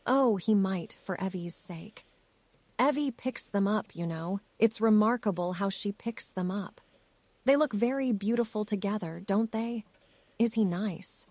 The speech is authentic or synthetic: synthetic